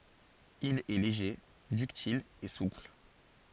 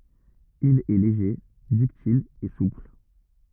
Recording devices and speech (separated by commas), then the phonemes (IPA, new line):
forehead accelerometer, rigid in-ear microphone, read sentence
il ɛ leʒe dyktil e supl